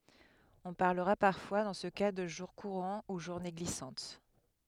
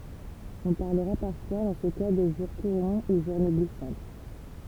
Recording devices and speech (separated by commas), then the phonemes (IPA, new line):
headset microphone, temple vibration pickup, read sentence
ɔ̃ paʁləʁa paʁfwa dɑ̃ sə ka də ʒuʁ kuʁɑ̃ u ʒuʁne ɡlisɑ̃t